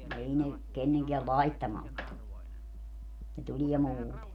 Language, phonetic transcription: Finnish, 'ei ne , 'kenneŋkeä "laittamalt tu , ne 'tuĺiɛ 'muute .
- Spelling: ei ne kenenkään laittamalta tule ne tulee muuten

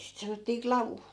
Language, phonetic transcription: Finnish, sit 'sanottii "klavu .
- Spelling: sitä sanottiin klavu

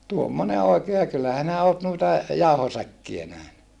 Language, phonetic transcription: Finnish, tuommone òikee ja kyllä hinä oot nuita , jauhosäkkiä nähny .
- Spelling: tuommoinen oikein ja kyllä sinä olet noita jauhosäkkejä nähnyt

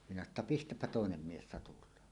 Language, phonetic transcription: Finnish, minä sano ‿tta » "pistäppä "tòenem 'mies 'satul̀aan « .
- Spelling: minä sanoin että pistäpä toinen mies satulaan

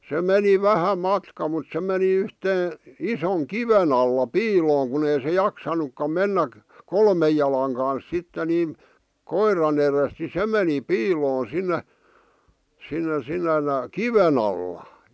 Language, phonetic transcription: Finnish, se 'meni "vähä 'matka mut se meni 'yhtee , 'isoŋ "kiven ‿alla "piilooŋ kun ‿ei se "jaksanukkam 'mennäk- , "kolmej jala̳a̳ŋ kans 'sitte 'niim , "koiran ‿erest ni 'se meni "piiloon 'sinne , sinne sinnen , "kiven ‿alla .
- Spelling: se meni vähän matkaa mutta se meni yhteen ison kiven alla piiloon kun ei se jaksanutkaan mennä kolmen jalan kanssa sitten niin koiran edestä niin se meni piiloon sinne sinne sinne kiven alla

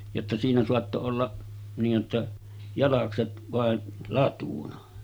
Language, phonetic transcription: Finnish, jotta siinä soatto 'olla , niij jotta , jalakset vàen̳§ 'latuna .
- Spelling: jotta siinä saattoi olla niin jotta jalakset vain latuna

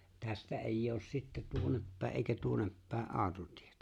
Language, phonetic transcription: Finnish, 'tästä èij'j ‿oos sitte 'tuonneppä̀e ’èikä 'tuonneppä̀e "’aaᵒtotɪᴇtᴀ̈ .
- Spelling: tästä ei ole sitten tuonnepäin eikä tuonnepäin autotietä

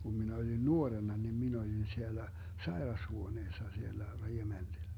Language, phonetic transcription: Finnish, 'kum minä oĺin "nuorenna nin 'min ‿oĺin 'siellä , "saerashuoneessa 'siellä , 'reGemenDi(llä) .
- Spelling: kun minä olin nuorena niin minä olin siellä sairashuoneessa siellä rekementillä

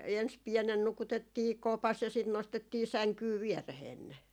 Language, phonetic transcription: Finnish, 'ens 'piɛnen 'nukutettii "kopas ja sit 'nostettii "säŋkyy "viɛreheen ne .
- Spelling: ensin pienenä nukutettiin kopassa ja sitten nostettiin sänkyyn viereen ne

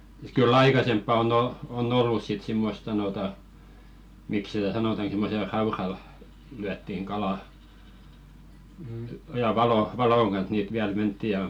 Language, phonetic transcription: Finnish, kyl'l ‿aikasemppa on ‿o- , o"n ‿ollus sit 'simmost sanòta , 'mik sitä "sanotan̬ simmosel "raural , lyättiŋ 'ɢalà , ja 'valo- , "valoŋ ɢan̬s niit viäl 'mentti ja .
- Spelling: kyllä aikaisempaa on - on ollut sitten semmoista sanotaan miksi sitä sanotaan semmoisella raudalla lyötiin kalaa ja - valon kanssa niitä vielä mentiin ja

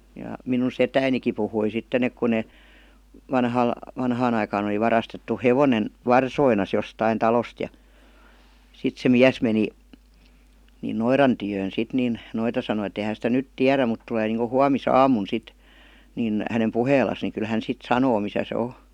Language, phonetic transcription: Finnish, ja minun "setäiniki puhui 'sitten ‿ek ku ne , 'vanhal- , 'vanhaan ‿aikaan ‿oli 'varastettu "hevonen , "varsoinas jostain 'talost ja , 'sit se "miäs meni , ni "noiran tyjöön sit nin , 'noita sanoⁱ et ‿ei » h§ sitä "nyt 'tiärä mut tulee niiŋko 'huamis"aamun 'sit , nin , hänem "puheel̆las ni kyl hän 'sit "sanoo misä se "o « .
- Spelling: ja minun setänikin puhui sitten että kun ne - vanhaan aikaan oli varastettu hevonen varsoineen jostakin talosta ja sitten se mies meni niin noidan tykö sitten niin noita sanoi että ei he sitä nyt tiedä mutta tulee niin kuin huomisaamuna sitten niin hänen puheelleen niin kyllä hän sitten sanoo missä se on

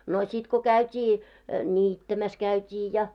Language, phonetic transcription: Finnish, no śit ko 'käyt́ii , "ńiittämäs 'käyt́ii ja .
- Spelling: no sitten kun käytiin niittämässä käytiin ja

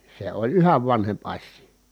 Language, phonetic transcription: Finnish, se oĺ yhäv vanhemp as̆sii .
- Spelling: se oli yhä vanhempi asia

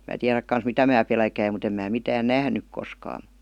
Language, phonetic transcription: Finnish, mä 'tiäräk kans "mitä mää pelkäim mut ‿em mää 'mitään "nähnyk koskaa .
- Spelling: minä tiedä kanssa mitä minä pelkäsin mutta en minä mitään nähnyt koskaan

